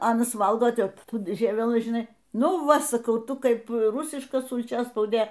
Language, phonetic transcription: Lithuanian, ˈanas ˈvalgoˈtep ˈtų ˈžievelɨ žiˈnai ˈnu ˈva saˈkau ˈtu ˈkaip ˈrusiška sulˈčiaspaudė

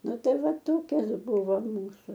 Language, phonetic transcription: Lithuanian, ˈnu ˈtai ˈva ˈtokias ˈbuvo ˈmūsu

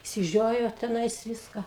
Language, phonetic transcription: Lithuanian, išsiˈžiojo teˈnais ˈviska

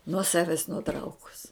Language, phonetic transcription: Lithuanian, nuo ˈsaves nuˈtraukus

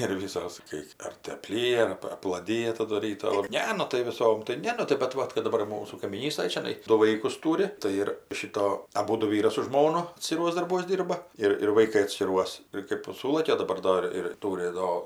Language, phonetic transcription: Lithuanian, ir ˈvysos kai ˈar tai apˈlyja ar ˈap aplaˈdija ˈtadu ˈryto o ˈne ˈnu tai viˈsom tai ˈne nu tai bet ˈvat kad daˈbar ir ˈmūsų kaimyˈnystaj čiaˈnai ˈdu ˈvaikus ˈturi tai ˈir ˈšito aˈbūdu ˈvyras su žmona atskiˈruos darˈbuos ˈdyrba ˈir ir vaiˈkai atskiˈruos ir kɜp ˈsūlakia o daˈbar ˈdor ir ˈtūri ˈdo

